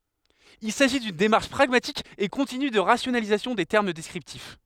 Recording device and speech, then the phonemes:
headset microphone, read sentence
il saʒi dyn demaʁʃ pʁaɡmatik e kɔ̃tiny də ʁasjonalizasjɔ̃ de tɛʁm dɛskʁiptif

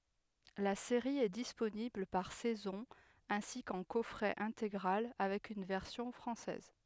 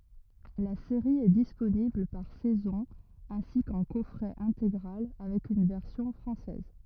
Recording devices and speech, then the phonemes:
headset microphone, rigid in-ear microphone, read sentence
la seʁi ɛ disponibl paʁ sɛzɔ̃ ɛ̃si kɑ̃ kɔfʁɛ ɛ̃teɡʁal avɛk yn vɛʁsjɔ̃ fʁɑ̃sɛz

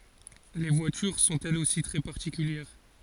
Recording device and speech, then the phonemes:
forehead accelerometer, read sentence
le vwatyʁ sɔ̃t ɛlz osi tʁɛ paʁtikyljɛʁ

